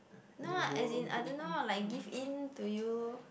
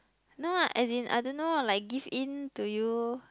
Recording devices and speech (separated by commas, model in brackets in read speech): boundary microphone, close-talking microphone, conversation in the same room